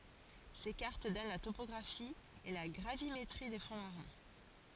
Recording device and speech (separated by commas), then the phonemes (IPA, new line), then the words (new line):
forehead accelerometer, read sentence
se kaʁt dɔn la topɔɡʁafi e la ɡʁavimetʁi de fɔ̃ maʁɛ̃
Ces cartes donnent la topographie et la gravimétrie des fonds marins.